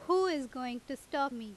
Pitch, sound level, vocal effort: 270 Hz, 91 dB SPL, very loud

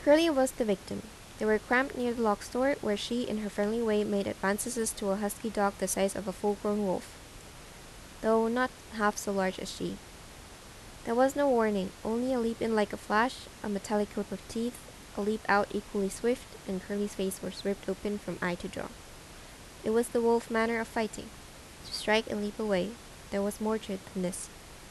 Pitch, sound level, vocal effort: 210 Hz, 81 dB SPL, normal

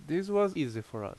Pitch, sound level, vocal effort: 150 Hz, 85 dB SPL, loud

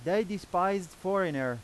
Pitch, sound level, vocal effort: 190 Hz, 96 dB SPL, very loud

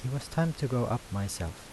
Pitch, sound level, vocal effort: 120 Hz, 79 dB SPL, soft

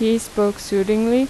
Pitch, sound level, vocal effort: 220 Hz, 84 dB SPL, normal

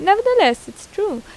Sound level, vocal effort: 87 dB SPL, normal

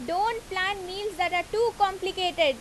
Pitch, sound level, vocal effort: 375 Hz, 91 dB SPL, very loud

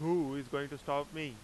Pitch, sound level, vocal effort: 145 Hz, 96 dB SPL, loud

